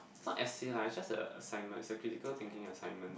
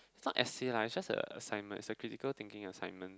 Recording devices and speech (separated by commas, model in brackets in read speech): boundary microphone, close-talking microphone, conversation in the same room